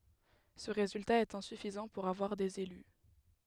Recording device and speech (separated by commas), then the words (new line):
headset microphone, read sentence
Ce résultat est insuffisant pour avoir des élus.